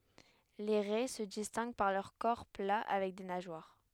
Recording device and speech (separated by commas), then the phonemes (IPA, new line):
headset microphone, read sentence
le ʁɛ sə distɛ̃ɡ paʁ lœʁ kɔʁ pla avɛk de naʒwaʁ